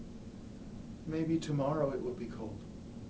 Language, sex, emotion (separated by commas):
English, male, sad